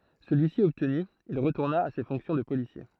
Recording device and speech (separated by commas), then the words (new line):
throat microphone, read sentence
Celui-ci obtenu, il retourna à ses fonctions de policier.